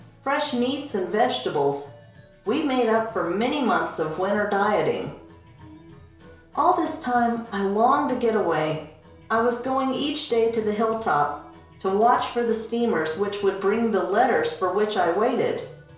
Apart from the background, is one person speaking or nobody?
One person.